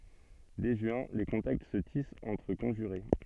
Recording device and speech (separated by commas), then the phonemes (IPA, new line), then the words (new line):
soft in-ear microphone, read sentence
dɛ ʒyɛ̃ le kɔ̃takt sə tist ɑ̃tʁ kɔ̃ʒyʁe
Dès juin, les contacts se tissent entre conjurés.